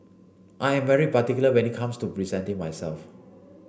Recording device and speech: boundary microphone (BM630), read sentence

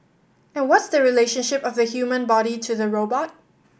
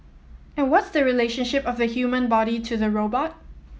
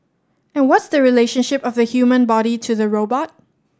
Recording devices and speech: boundary microphone (BM630), mobile phone (iPhone 7), standing microphone (AKG C214), read sentence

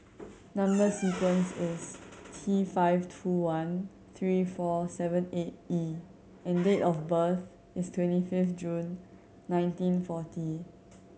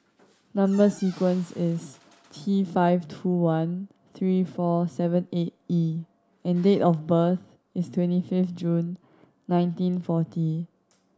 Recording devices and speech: mobile phone (Samsung C7100), standing microphone (AKG C214), read sentence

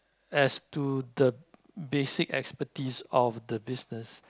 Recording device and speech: close-talking microphone, conversation in the same room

